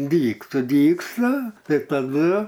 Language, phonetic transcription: Lithuanian, ˈdygt suˈdygsta ˈtai taˈdu

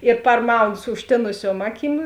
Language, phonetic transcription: Lithuanian, ir parˈmaunu su užˈtėnusiuom ˈaˌkym

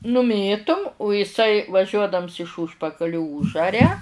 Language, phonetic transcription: Lithuanian, nuˈmėtum u iˈsai vaˈžiuodams iš ˈūžpakaliu ˈūžaria

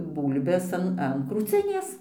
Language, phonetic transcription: Lithuanian, ˈbūlbes an an krūˈcinės

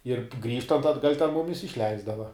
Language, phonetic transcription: Lithuanian, ir ˈgrįžtant atˈgal' ten ˈmumis išˈleisdava

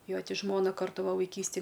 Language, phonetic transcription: Lithuanian, ˈjo ˈti ˈžmona ˈkartu ˈva vaiˈkystij

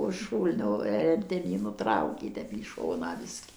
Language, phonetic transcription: Lithuanian, už ˈšūlnio ˌir ten ˈjį nuˈtraukė ˈtep į ˈšoną ˈbiski

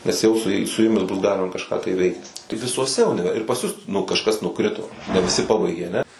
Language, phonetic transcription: Lithuanian, nes ˈjau su ˈjei su ˈjumis bus ˈgalima kažˈką tai ˈveikt tai visuoˈse uniˈver ir pas ˈjus nu kažˈkas nuˈkrito ne viˈsi ˈpabaigė aˈne

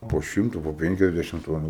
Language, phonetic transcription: Lithuanian, po ˈšimta po ˈpenkiasdešim ˈtonų

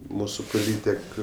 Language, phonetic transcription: Lithuanian, ˈmūsu poˈlytek

